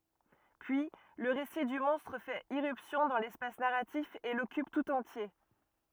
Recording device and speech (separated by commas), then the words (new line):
rigid in-ear microphone, read sentence
Puis, le récit du monstre fait irruption dans l'espace narratif et l'occupe tout entier.